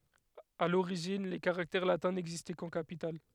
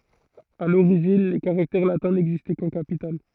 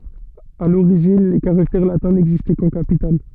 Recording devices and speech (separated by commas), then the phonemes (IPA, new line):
headset microphone, throat microphone, soft in-ear microphone, read sentence
a loʁiʒin le kaʁaktɛʁ latɛ̃ nɛɡzistɛ kɑ̃ kapital